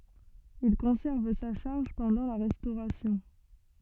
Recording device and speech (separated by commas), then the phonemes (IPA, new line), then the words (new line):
soft in-ear microphone, read sentence
il kɔ̃sɛʁv sa ʃaʁʒ pɑ̃dɑ̃ la ʁɛstoʁasjɔ̃
Il conserve sa charge pendant la Restauration.